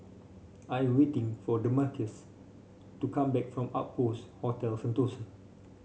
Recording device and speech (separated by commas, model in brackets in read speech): mobile phone (Samsung C5), read sentence